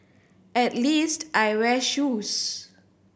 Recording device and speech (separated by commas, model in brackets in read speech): boundary microphone (BM630), read sentence